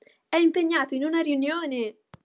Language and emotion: Italian, happy